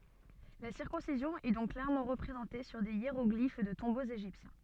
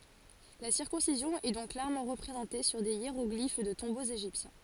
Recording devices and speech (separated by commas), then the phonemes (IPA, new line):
soft in-ear microphone, forehead accelerometer, read sentence
la siʁkɔ̃sizjɔ̃ ɛ dɔ̃k klɛʁmɑ̃ ʁəpʁezɑ̃te syʁ de jeʁɔɡlif də tɔ̃boz eʒiptjɛ̃